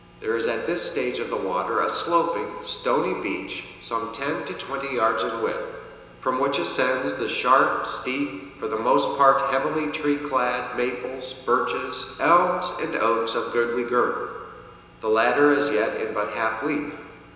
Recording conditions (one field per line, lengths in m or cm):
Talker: one person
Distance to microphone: 1.7 m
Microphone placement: close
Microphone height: 1.0 m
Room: very reverberant, large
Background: none